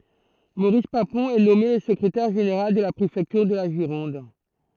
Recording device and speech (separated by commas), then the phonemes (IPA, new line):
throat microphone, read sentence
moʁis papɔ̃ ɛ nɔme lə səkʁetɛʁ ʒeneʁal də la pʁefɛktyʁ də la ʒiʁɔ̃d